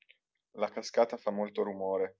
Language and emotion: Italian, neutral